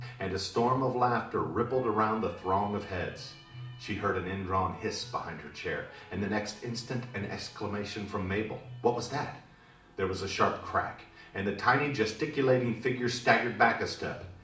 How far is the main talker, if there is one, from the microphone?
2.0 m.